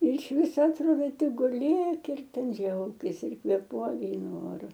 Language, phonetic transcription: Lithuanian, ir iš ˈviso atˈrodo ˈtik guˈlėk ir ten ˈdžiaukis ir kvėˈpuok ˈgrynu ˈoru

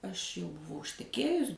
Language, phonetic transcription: Lithuanian, aš jau buˈvau išteˈkėjus

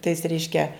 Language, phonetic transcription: Lithuanian, tais ˈreiškia

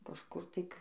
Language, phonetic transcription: Lithuanian, kažˈkur ˈtai k

